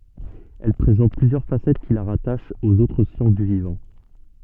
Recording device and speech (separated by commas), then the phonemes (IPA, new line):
soft in-ear microphone, read sentence
ɛl pʁezɑ̃t plyzjœʁ fasɛt ki la ʁataʃt oz otʁ sjɑ̃s dy vivɑ̃